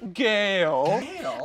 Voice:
deep voice